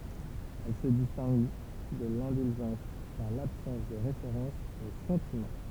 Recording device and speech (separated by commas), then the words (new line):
temple vibration pickup, read sentence
Elle se distingue de l'indulgence par l'absence de référence aux sentiments.